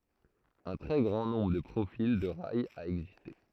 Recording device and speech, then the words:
throat microphone, read sentence
Un très grand nombre de profils de rails a existé.

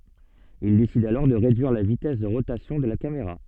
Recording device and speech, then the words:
soft in-ear microphone, read sentence
Il décide alors de réduire la vitesse de rotation de la caméra.

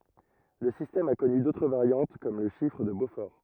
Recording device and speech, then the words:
rigid in-ear microphone, read sentence
Le système a connu d'autres variantes comme le chiffre de Beaufort.

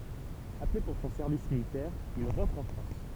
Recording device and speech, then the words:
temple vibration pickup, read sentence
Appelé pour son service militaire, il rentre en France.

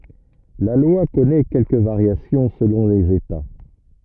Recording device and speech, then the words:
rigid in-ear microphone, read sentence
La loi connaît quelques variations selon les États.

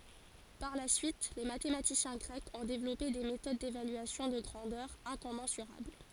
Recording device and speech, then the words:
forehead accelerometer, read sentence
Par la suite, les mathématiciens grecs ont développé des méthodes d'évaluation de grandeurs incommensurables.

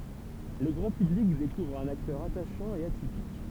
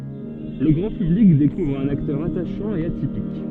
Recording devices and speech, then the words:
temple vibration pickup, soft in-ear microphone, read sentence
Le grand public découvre un acteur attachant et atypique.

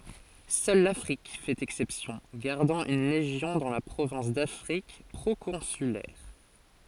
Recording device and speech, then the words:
forehead accelerometer, read sentence
Seule l'Afrique fait exception, gardant une légion dans la province d'Afrique proconsulaire.

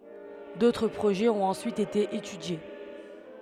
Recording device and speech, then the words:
headset microphone, read sentence
D'autres projets ont ensuite été étudiés.

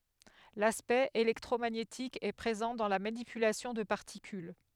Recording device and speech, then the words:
headset microphone, read sentence
L'aspect électromagnétique est présent dans la manipulation de particules.

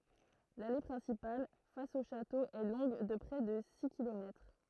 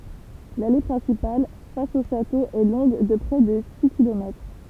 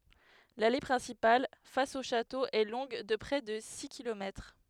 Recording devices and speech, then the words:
throat microphone, temple vibration pickup, headset microphone, read sentence
L'allée principale, face au château est longue de près de six kilomètres.

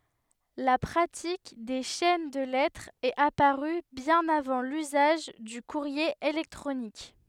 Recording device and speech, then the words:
headset microphone, read sentence
La pratique des chaînes de lettres est apparue bien avant l'usage du courrier électronique.

